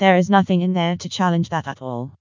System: TTS, vocoder